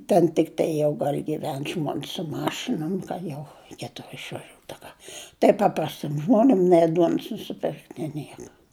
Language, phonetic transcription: Lithuanian, ten tikˈtai jau dar giˈven žmons su ˈmašinom ka ˈjau reiˈkėtu išvaˈžiūt a ˈka tai ˈpaprastim ˈžmonim nei ˈduons nusiˈpirkt nė ˈnieka

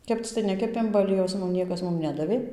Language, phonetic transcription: Lithuanian, ˈkepc tai ˈnekepėm ba aˈliejaus ˈmum ˈniekas ˈmum ˈnedavė

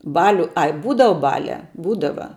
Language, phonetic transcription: Lithuanian, ˈbaliu ˈai ˈbūdava ˈbaliā ˈbūdava

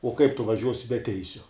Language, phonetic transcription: Lithuanian, o kaip tu vaˈžiuosi be ˈteisiu

